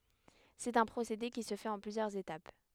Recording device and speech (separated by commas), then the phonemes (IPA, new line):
headset microphone, read sentence
sɛt œ̃ pʁosede ki sə fɛt ɑ̃ plyzjœʁz etap